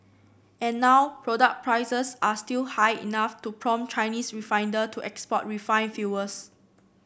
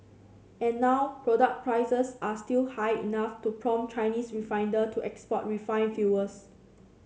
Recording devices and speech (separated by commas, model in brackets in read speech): boundary microphone (BM630), mobile phone (Samsung C7), read sentence